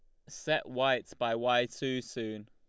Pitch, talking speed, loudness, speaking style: 120 Hz, 165 wpm, -32 LUFS, Lombard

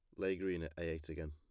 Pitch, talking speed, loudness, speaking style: 80 Hz, 325 wpm, -42 LUFS, plain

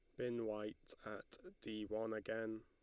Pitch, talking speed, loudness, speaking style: 110 Hz, 150 wpm, -46 LUFS, Lombard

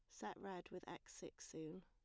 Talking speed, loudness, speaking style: 220 wpm, -53 LUFS, plain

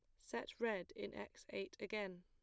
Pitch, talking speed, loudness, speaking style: 190 Hz, 180 wpm, -46 LUFS, plain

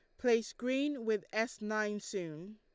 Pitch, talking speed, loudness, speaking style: 215 Hz, 155 wpm, -35 LUFS, Lombard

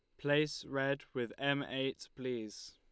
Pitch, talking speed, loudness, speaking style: 135 Hz, 145 wpm, -37 LUFS, Lombard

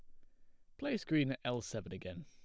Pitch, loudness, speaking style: 125 Hz, -39 LUFS, plain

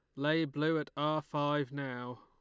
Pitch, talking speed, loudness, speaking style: 145 Hz, 180 wpm, -34 LUFS, Lombard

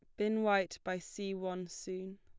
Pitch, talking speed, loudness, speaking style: 190 Hz, 180 wpm, -37 LUFS, plain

